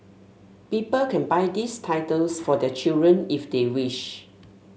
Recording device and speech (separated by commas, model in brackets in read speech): mobile phone (Samsung S8), read sentence